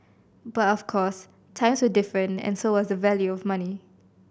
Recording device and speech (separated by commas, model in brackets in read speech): boundary microphone (BM630), read sentence